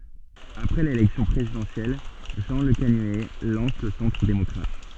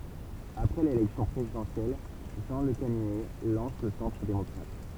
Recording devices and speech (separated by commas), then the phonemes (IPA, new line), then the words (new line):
soft in-ear microphone, temple vibration pickup, read sentence
apʁɛ lelɛksjɔ̃ pʁezidɑ̃sjɛl ʒɑ̃ ləkanyɛ lɑ̃s lə sɑ̃tʁ demɔkʁat
Après l'élection présidentielle, Jean Lecanuet lance le Centre démocrate.